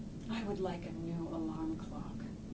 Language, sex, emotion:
English, female, neutral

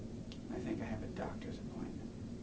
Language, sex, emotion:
English, male, neutral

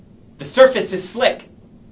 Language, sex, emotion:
English, male, fearful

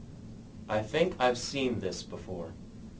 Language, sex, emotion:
English, male, neutral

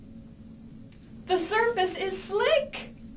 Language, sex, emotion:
English, female, fearful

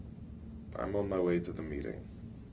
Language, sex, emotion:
English, male, neutral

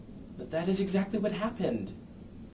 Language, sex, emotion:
English, male, neutral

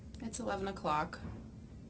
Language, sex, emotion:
English, female, neutral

